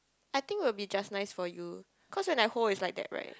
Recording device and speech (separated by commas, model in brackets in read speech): close-talking microphone, conversation in the same room